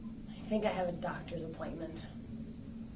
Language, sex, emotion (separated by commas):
English, female, neutral